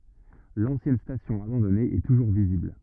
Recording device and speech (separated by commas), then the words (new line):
rigid in-ear microphone, read sentence
L'ancienne station abandonnée est toujours visible.